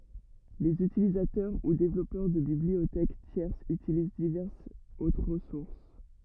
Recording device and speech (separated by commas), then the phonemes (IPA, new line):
rigid in-ear microphone, read sentence
lez ytilizatœʁ u devlɔpœʁ də bibliotɛk tjɛʁsz ytiliz divɛʁsz otʁ ʁəsuʁs